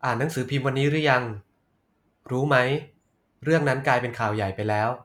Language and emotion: Thai, neutral